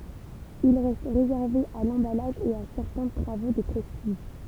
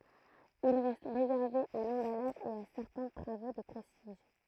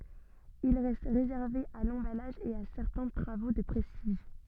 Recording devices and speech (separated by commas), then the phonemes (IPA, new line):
temple vibration pickup, throat microphone, soft in-ear microphone, read sentence
il ʁɛst ʁezɛʁve a lɑ̃balaʒ e a sɛʁtɛ̃ tʁavo də pʁɛstiʒ